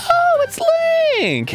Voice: high-pitched